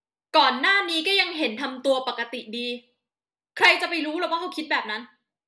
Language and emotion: Thai, angry